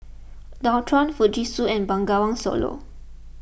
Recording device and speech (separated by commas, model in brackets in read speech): boundary microphone (BM630), read sentence